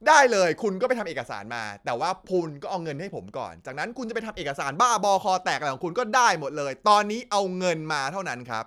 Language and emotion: Thai, angry